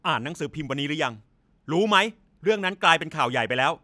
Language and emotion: Thai, angry